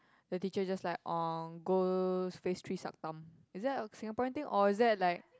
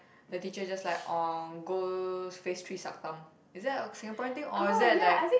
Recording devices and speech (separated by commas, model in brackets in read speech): close-talking microphone, boundary microphone, conversation in the same room